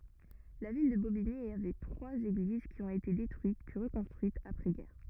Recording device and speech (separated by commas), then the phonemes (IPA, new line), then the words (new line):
rigid in-ear microphone, read sentence
la vil də bobiɲi avɛ tʁwaz eɡliz ki ɔ̃t ete detʁyit pyi ʁəkɔ̃stʁyitz apʁɛzɡɛʁ
La ville de Bobigny avait trois églises qui ont été détruites, puis reconstruites après-guerre.